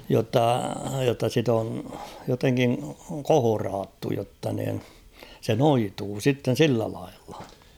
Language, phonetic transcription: Finnish, jotta , jotta sit ‿on , joteŋkiŋ "kohoraattu jotta niin , 'se "noituu 'sitten̬ "sillä laillᴀ .
- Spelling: jotta jotta sitä on jotenkin kohdattu jotta niin se noituu sitten sillä lailla

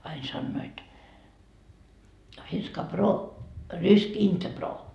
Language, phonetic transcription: Finnish, ain sannoit , » finska "broo , rysk "inte 'broo » .
- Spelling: aina sanoivat finska broo rysk inte broo

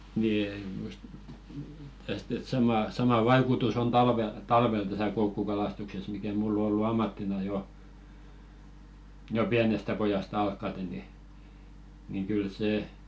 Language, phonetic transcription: Finnish, 'ni e- just , 'täst ‿et 'samà , sama "vaikutus on "talvel 'talvel täsä 'koukkukalastukses mikä "mull ‿o ollu 'ammattina 'jo , 'jo "piänestä 'pojast ‿alkkate ni , niŋ kyl "sè .
- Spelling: niin - just tästä että sama sama vaikutus on talvella talvella tässä koukkukalastuksessa mikä minulla on ollut ammattina jo jo pienestä pojasta alkaen niin niin kyllä se

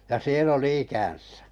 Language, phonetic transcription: Finnish, ja 'siel'l ‿oli 'ikän̬sᴀ̈ .
- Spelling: ja siellä oli ikänsä

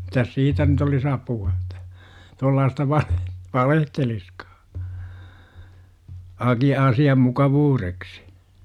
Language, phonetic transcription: Finnish, mitäs "siitä nyt ‿olis 'apu₍a Että , tuollaasta 'vale- , "valehteliskAA , 'aki₍a 'asi₍am "mukavuureksI .
- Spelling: mitäs siitä nyt olisi apua että tuollaista - valehtelisikaan - asian mukavuudeksi

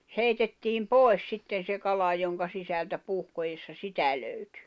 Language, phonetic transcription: Finnish, 'heitettiim "pòi̬s 'sitten̬ 'se 'kala joŋka 'sisältä 'puhkojessa "sitä löytʏ .
- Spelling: heitettiin pois sitten se kala jonka sisältä puhkoessa sitä löytyi

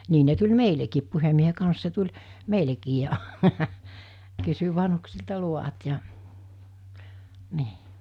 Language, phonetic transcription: Finnish, 'nii ne tuĺ "meilekiip 'puhemmiehe kans se tuĺ , 'meilekii ja , kysy 'vanhuksilta 'luvat ja , 'nii .
- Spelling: niin ne tuli meillekin puhemiehen kanssa se tuli meillekin ja kysyi vanhuksilta luvat ja niin

